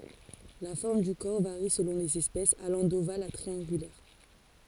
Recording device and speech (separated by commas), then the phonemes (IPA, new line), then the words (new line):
forehead accelerometer, read sentence
la fɔʁm dy kɔʁ vaʁi səlɔ̃ lez ɛspɛsz alɑ̃ doval a tʁiɑ̃ɡylɛʁ
La forme du corps varie selon les espèces, allant d'ovale à triangulaire.